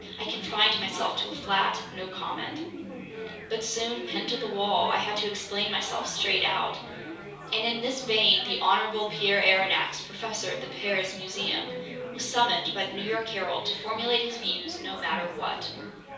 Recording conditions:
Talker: one person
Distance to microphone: 3.0 m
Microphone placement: far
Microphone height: 1.8 m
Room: small (3.7 m by 2.7 m)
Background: babble

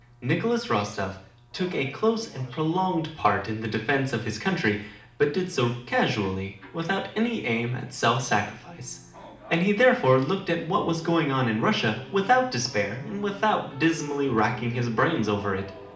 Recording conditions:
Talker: one person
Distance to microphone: 2.0 m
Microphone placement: close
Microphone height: 99 cm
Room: medium-sized (5.7 m by 4.0 m)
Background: television

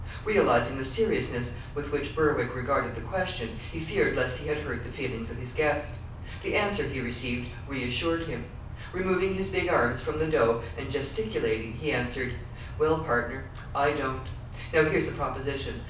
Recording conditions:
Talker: one person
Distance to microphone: 5.8 m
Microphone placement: far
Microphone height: 1.8 m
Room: medium-sized (5.7 m by 4.0 m)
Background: none

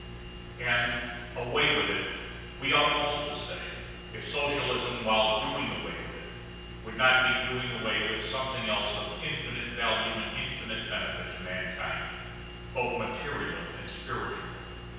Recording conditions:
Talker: one person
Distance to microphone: 7.1 m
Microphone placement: far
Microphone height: 1.7 m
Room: very reverberant, large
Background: none

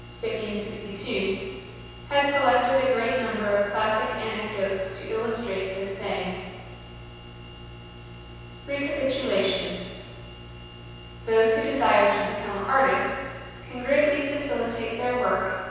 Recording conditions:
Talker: one person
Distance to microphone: 7.1 m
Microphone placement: far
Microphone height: 1.7 m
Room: very reverberant, large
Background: none

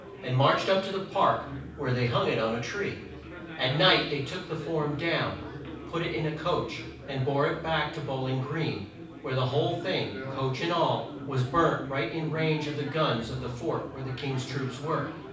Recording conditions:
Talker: one person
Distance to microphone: 5.8 m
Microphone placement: far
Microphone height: 1.8 m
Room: medium-sized (5.7 m by 4.0 m)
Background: babble

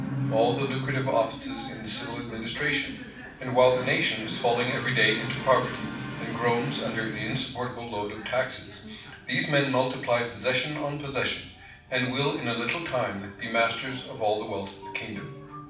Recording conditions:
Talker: one person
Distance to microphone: 5.8 m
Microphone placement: far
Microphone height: 1.8 m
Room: medium-sized (5.7 m by 4.0 m)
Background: television

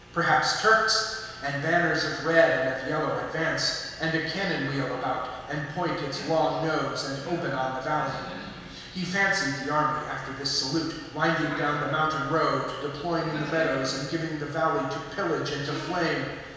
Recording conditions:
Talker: one person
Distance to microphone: 1.7 m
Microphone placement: close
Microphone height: 1.0 m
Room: very reverberant, large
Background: television

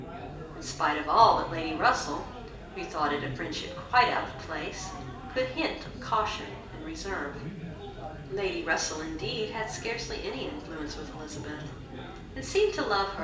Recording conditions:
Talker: one person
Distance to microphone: 1.8 m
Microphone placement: close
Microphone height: 1.0 m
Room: large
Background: babble

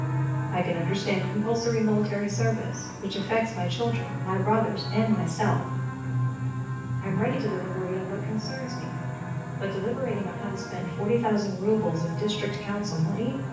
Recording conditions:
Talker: one person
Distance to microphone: 9.8 m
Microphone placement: far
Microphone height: 1.8 m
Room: large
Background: television

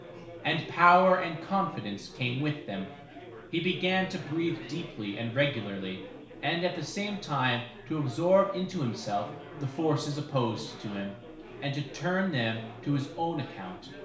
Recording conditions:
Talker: one person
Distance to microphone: 1.0 m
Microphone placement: close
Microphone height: 1.1 m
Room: small (3.7 m by 2.7 m)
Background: babble

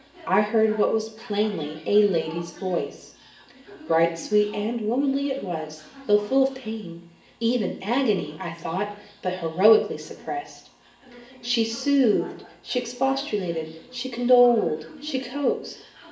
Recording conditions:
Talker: one person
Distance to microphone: 1.8 m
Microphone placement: close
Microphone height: 1.0 m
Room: large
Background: television

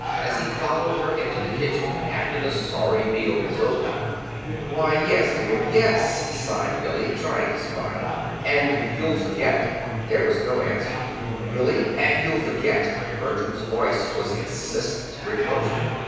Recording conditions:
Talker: one person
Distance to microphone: 7.1 m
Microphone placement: far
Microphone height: 1.7 m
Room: very reverberant, large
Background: babble

